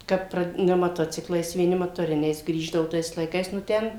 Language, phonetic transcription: Lithuanian, ˈkad ˈpra ne maˈtociklais vieˈni matoˈriniais ˈgrįždavu ˈtais laiˈkais nu ˈten

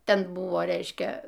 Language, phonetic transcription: Lithuanian, ˈten ˈbuvo ˈreiškia

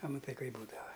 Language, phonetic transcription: Lithuanian, a maˈtai ˈkaip ˈbūdava

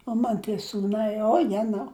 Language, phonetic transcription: Lithuanian, o ˈman tie sūˈnai o ˈjenau

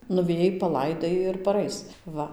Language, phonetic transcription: Lithuanian, nuveˈjai paˈlaidai ir paˈrais ˈva

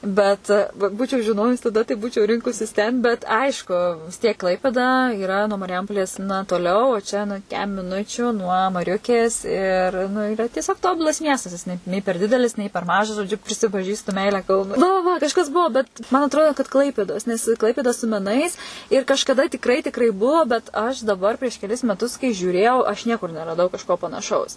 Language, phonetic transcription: Lithuanian, ˈbet v ˈbūčiau žiˈnojus taˈda tai ˈbūčiau ˈrinkusis ten bet ˈaišku vis ˈtiek ˈklaipėda yˈra nuo marˈjampolės na toˈliau o ˈčia na ˈkem miˈnučiu nuo maˈriukės ir nu iˈra tieˈsiog ˈtobulas ˈmiestas ˈnei nei per ˈdidelis nei per ˈmažas žoˈdžiu prisipaˈžįstu ˈmeilę ˈkaunui va va ˈva kažˈas ˈbuo bet man atˈroda kad ˈklaipėdos nes ˈklaipėda su meˈnais ir kažkaˈda tikˈrai tikˈrai ˈbuo bet aš daˈbar prieš keˈlis meˈtus kai žiūˈrėjau aš ˈniekur neraˈdau kažˈko panaˈšaus

